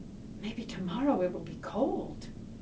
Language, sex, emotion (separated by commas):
English, female, fearful